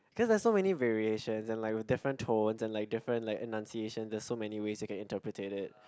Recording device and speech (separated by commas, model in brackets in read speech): close-talking microphone, conversation in the same room